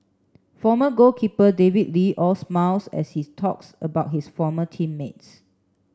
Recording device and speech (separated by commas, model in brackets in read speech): standing microphone (AKG C214), read sentence